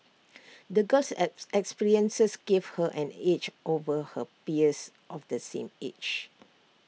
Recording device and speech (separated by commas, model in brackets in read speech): mobile phone (iPhone 6), read sentence